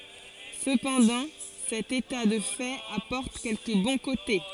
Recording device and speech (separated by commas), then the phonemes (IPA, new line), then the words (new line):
forehead accelerometer, read sentence
səpɑ̃dɑ̃ sɛt eta də fɛt apɔʁt kɛlkə bɔ̃ kote
Cependant, cet état de fait apporte quelques bons côtés.